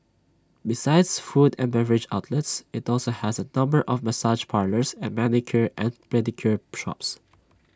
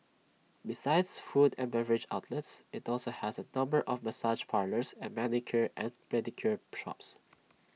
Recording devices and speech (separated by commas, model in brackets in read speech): standing microphone (AKG C214), mobile phone (iPhone 6), read sentence